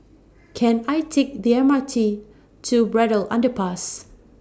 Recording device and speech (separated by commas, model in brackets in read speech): standing microphone (AKG C214), read sentence